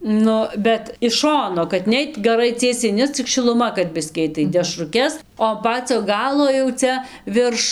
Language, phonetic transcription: Lithuanian, ˈnu bet iš ˈšono kad ˈneit gaˈrai ˈciesiai ˈne cik šiluˈma kad ˈbiskį ˈait tai dešruˈkes o an ˈpacio ˈgalo jau ˈcia ˈvirš

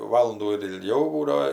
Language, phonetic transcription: Lithuanian, ˈvalundų ir ilˈgiau ˈbūdao

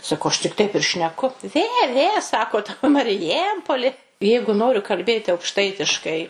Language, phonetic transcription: Lithuanian, saˈkau ˈaš tik ˈtaip ir šneˈku ˈvė ˈvė ˈsakot mariˈjempoli ˈjeigu ˈnoriu kalˈbėti aukˈštaitiškai

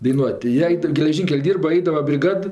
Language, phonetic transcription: Lithuanian, daiˈnuot' tai ˈjie ˈaid geleˈžynkel' ˈdyrba ˈaidava briˈgad

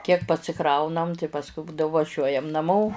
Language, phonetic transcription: Lithuanian, kiek pasiˈkraunam tai pasˈkui ˈbūdavo vaˈžiuojam naˈmo

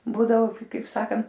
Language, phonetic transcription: Lithuanian, ˈbūdavo kaip ˈsakant

